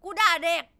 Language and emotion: Thai, angry